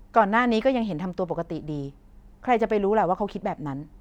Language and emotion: Thai, frustrated